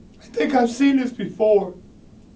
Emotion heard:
fearful